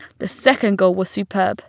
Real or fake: real